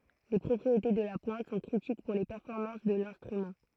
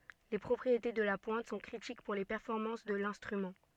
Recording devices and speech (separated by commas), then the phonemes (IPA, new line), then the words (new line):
throat microphone, soft in-ear microphone, read sentence
le pʁɔpʁiete də la pwɛ̃t sɔ̃ kʁitik puʁ le pɛʁfɔʁmɑ̃s də lɛ̃stʁymɑ̃
Les propriétés de la pointe sont critiques pour les performances de l'instrument.